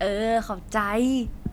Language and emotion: Thai, happy